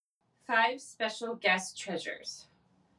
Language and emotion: English, fearful